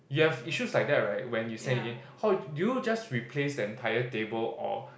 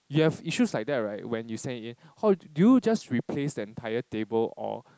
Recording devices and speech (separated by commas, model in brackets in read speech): boundary microphone, close-talking microphone, conversation in the same room